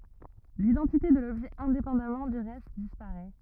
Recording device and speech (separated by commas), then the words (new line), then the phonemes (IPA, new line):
rigid in-ear microphone, read sentence
L'identité de l'objet indépendamment du reste disparaît.
lidɑ̃tite də lɔbʒɛ ɛ̃depɑ̃damɑ̃ dy ʁɛst dispaʁɛ